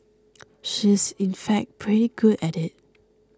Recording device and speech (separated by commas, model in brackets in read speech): close-talking microphone (WH20), read sentence